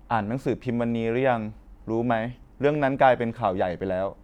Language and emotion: Thai, neutral